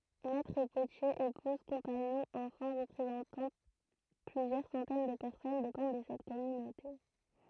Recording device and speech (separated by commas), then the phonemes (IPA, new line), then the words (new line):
throat microphone, read sentence
mɛtʁ potjez epuz kɔ̃paɲɔ̃z ɑ̃fɑ̃ ʁəpʁezɑ̃tɑ̃ plyzjœʁ sɑ̃tɛn də pɛʁsɔn depɑ̃d də sɛt kɔmynote
Maîtres-potiers, épouses, compagnons, enfants représentant plusieurs centaines de personnes dépendent de cette communauté.